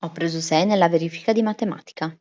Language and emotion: Italian, neutral